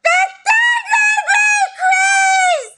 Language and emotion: English, sad